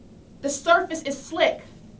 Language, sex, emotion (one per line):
English
female
fearful